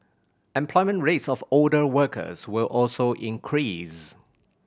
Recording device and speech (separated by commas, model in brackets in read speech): boundary microphone (BM630), read sentence